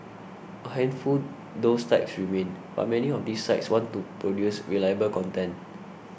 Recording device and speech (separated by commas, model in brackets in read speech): boundary microphone (BM630), read sentence